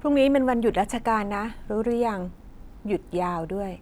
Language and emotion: Thai, neutral